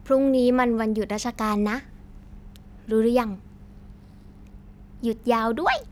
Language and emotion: Thai, happy